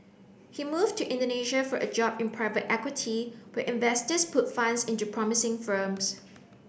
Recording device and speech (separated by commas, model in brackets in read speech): boundary microphone (BM630), read sentence